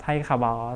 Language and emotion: Thai, neutral